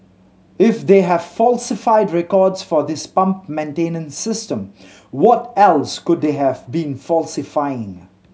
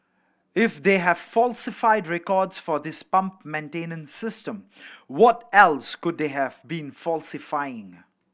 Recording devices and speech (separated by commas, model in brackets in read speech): mobile phone (Samsung C7100), boundary microphone (BM630), read sentence